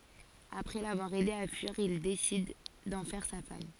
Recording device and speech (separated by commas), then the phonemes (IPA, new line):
forehead accelerometer, read sentence
apʁɛ lavwaʁ ɛde a fyiʁ il desid dɑ̃ fɛʁ sa fam